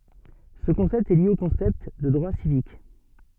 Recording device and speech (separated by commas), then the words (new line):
soft in-ear microphone, read sentence
Ce concept est lié au concept de droits civiques.